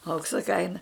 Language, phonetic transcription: Lithuanian, ˈauksa ˈkaina

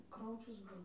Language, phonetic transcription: Lithuanian, ˈkraučius ˈbuvo

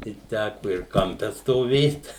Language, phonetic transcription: Lithuanian, tai ˈtæku ir kamˈpe stoˈvėt

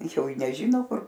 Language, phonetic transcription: Lithuanian, ˈjau i neˈžyno ˈkur

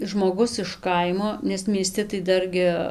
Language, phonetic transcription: Lithuanian, žmoˈgus iš ˈkaimo nes mieˈsti tai ˈdargi

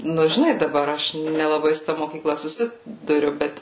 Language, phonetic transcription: Lithuanian, ˈnu žiˈnai daˈbar ˈaš nelaˈbai su ˈta mokyˈkla suˈsi duˈriu ˈbet

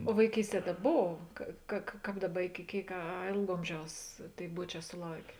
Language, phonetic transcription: Lithuanian, o vaiˈkysˌtie ta ˈbov ˈka ka ka ˈkāp ˈdaˌba iki ˈkėik a a ˈėlg ˈomˌžiaus ˈtėi ˈbuoˌčē suˈlaukė

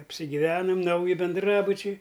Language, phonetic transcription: Lithuanian, apsigyˈvenam ˈnauji benˈdrabučiai

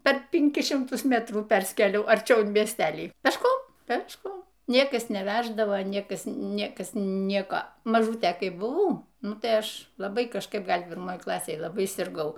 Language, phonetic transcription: Lithuanian, per pinˈkis šimˈtus ˈmetrų ˈperskėliau arˈčiau in miesˈtelį pešˈkom pešˈkom ˈniekas neˈvæždavo ˈniekas ˈniekas ˈnieko maˈžūtė ˈkai buˈvau ˈnu tai ˈaš laˈbai kažˈkaip ˈgal' pirˈmoj ˈklasėj laˈbai sirˈgau

